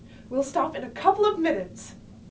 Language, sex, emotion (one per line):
English
female
fearful